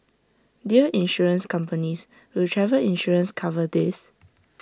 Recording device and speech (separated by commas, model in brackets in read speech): standing microphone (AKG C214), read sentence